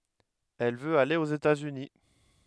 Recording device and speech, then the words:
headset microphone, read sentence
Elle veut aller aux États-Unis.

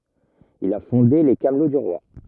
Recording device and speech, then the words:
rigid in-ear microphone, read sentence
Il a fondé les Camelots du roi.

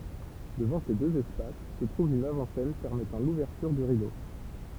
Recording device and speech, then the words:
temple vibration pickup, read sentence
Devant ces deux espaces se trouve une avant-scène permettant l’ouverture du rideau.

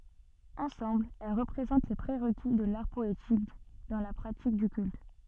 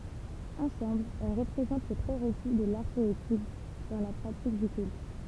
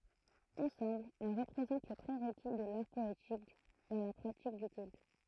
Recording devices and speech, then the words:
soft in-ear microphone, temple vibration pickup, throat microphone, read sentence
Ensemble, elles représentent les pré-requis de l'art poétique dans la pratique du culte.

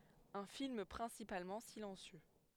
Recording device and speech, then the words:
headset microphone, read sentence
Un film principalement silencieux.

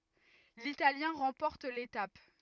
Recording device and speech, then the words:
rigid in-ear microphone, read sentence
L'Italien remporte l'étape.

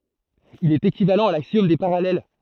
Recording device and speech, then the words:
throat microphone, read sentence
Il est équivalent à l'axiome des parallèles.

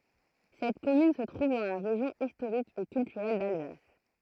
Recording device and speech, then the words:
throat microphone, read sentence
Cette commune se trouve dans la région historique et culturelle d'Alsace.

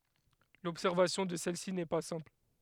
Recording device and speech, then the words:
headset microphone, read sentence
L'observation de celle-ci n'est pas simple.

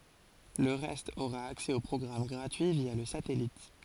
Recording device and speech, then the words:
forehead accelerometer, read sentence
Le reste aura accès aux programmes gratuits via le satellite.

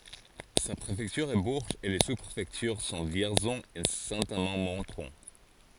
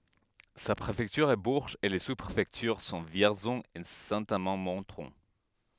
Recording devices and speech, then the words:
forehead accelerometer, headset microphone, read sentence
Sa préfecture est Bourges et les sous-préfectures sont Vierzon et Saint-Amand-Montrond.

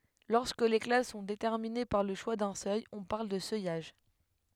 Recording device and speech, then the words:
headset microphone, read sentence
Lorsque les classes sont déterminées par le choix d'un seuil, on parle de seuillage.

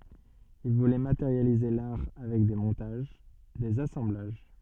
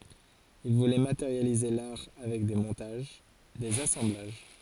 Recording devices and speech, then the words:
soft in-ear microphone, forehead accelerometer, read sentence
Il voulait matérialiser l'art avec des montages, des assemblages.

